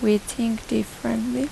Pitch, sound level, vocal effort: 230 Hz, 80 dB SPL, soft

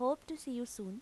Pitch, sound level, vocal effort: 250 Hz, 85 dB SPL, normal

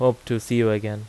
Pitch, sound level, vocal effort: 115 Hz, 86 dB SPL, normal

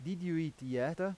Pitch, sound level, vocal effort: 165 Hz, 90 dB SPL, loud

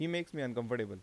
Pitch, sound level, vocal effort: 125 Hz, 87 dB SPL, normal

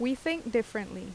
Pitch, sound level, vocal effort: 240 Hz, 83 dB SPL, loud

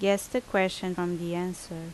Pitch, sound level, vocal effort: 180 Hz, 80 dB SPL, loud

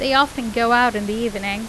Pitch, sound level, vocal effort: 235 Hz, 89 dB SPL, loud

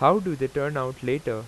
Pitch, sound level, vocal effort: 135 Hz, 91 dB SPL, loud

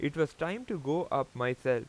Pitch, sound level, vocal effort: 145 Hz, 90 dB SPL, loud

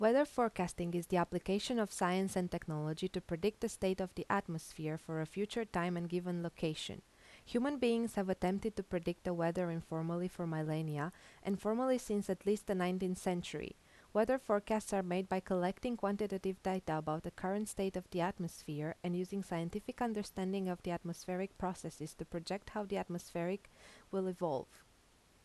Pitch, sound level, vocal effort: 185 Hz, 82 dB SPL, normal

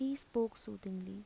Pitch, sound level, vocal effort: 215 Hz, 78 dB SPL, soft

